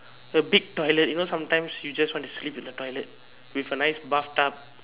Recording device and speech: telephone, conversation in separate rooms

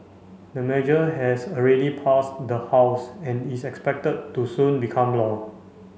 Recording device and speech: mobile phone (Samsung C5), read sentence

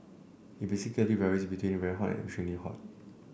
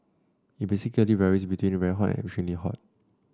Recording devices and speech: boundary microphone (BM630), standing microphone (AKG C214), read sentence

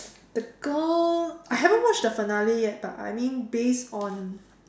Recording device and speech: standing microphone, conversation in separate rooms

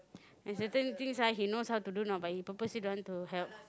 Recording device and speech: close-talking microphone, conversation in the same room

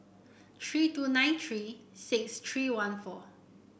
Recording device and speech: boundary microphone (BM630), read sentence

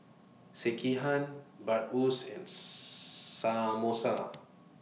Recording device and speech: mobile phone (iPhone 6), read sentence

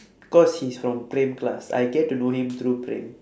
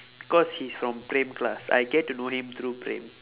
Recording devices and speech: standing microphone, telephone, conversation in separate rooms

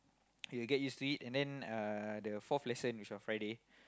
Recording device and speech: close-talking microphone, conversation in the same room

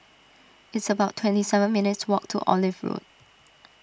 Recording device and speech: standing microphone (AKG C214), read sentence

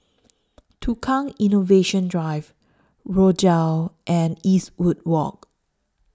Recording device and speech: standing microphone (AKG C214), read sentence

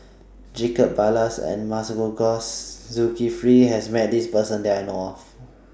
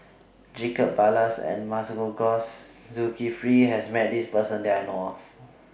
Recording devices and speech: standing microphone (AKG C214), boundary microphone (BM630), read sentence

